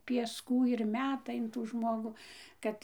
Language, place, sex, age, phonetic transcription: Lithuanian, Dzūkija, female, 60+, piesˈkų ir ˈmeta in ˈtų ˈžmogų ˈkad

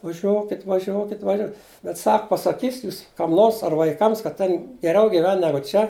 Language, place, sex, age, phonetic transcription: Lithuanian, Žemaitija, male, 60+, vaˈžiuokit vaˈžiokit vaˈžio bet ˈsak pasaˈkysit' ˈjūs kam ˈnors ar vaiˈkams kad ˈtėn geˈriau giˈven ˈnegu ˈčia

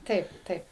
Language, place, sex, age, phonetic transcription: Lithuanian, Suvalkija, female, 60+, ˈtaip ˈtaip

